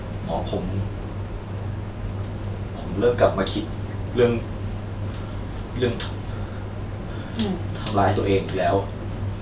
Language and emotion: Thai, sad